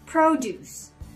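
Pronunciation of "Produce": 'Produce' is pronounced as the noun, with the stress on the first syllable.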